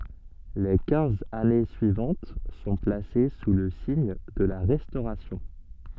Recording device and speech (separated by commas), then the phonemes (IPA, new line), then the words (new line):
soft in-ear microphone, read sentence
le kɛ̃z ane syivɑ̃t sɔ̃ plase su lə siɲ də la ʁɛstoʁasjɔ̃
Les quinze années suivantes sont placées sous le signe de la Restauration.